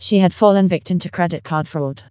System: TTS, vocoder